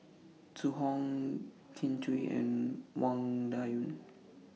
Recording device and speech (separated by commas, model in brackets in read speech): mobile phone (iPhone 6), read sentence